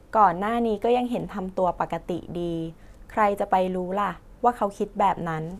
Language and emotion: Thai, neutral